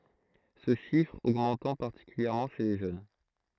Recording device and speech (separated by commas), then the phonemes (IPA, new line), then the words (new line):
throat microphone, read sentence
sə ʃifʁ oɡmɑ̃tɑ̃ paʁtikyljɛʁmɑ̃ ʃe le ʒøn
Ce chiffre augmentant particulièrement chez les jeunes.